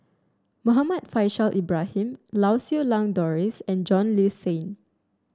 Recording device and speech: standing microphone (AKG C214), read sentence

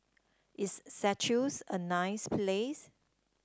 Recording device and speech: standing microphone (AKG C214), read sentence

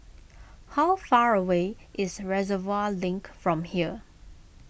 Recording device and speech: boundary microphone (BM630), read sentence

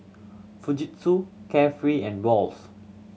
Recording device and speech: mobile phone (Samsung C7100), read sentence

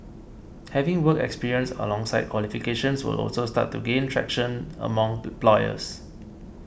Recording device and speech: boundary microphone (BM630), read sentence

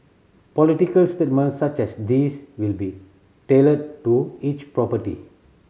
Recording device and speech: mobile phone (Samsung C7100), read sentence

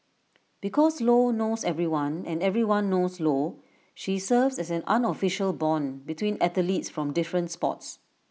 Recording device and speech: mobile phone (iPhone 6), read sentence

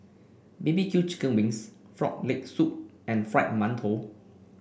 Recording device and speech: boundary microphone (BM630), read sentence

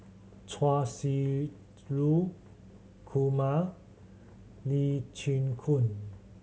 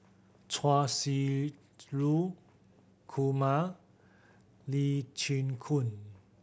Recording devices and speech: mobile phone (Samsung C7100), boundary microphone (BM630), read sentence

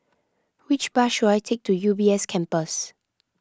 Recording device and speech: close-talking microphone (WH20), read sentence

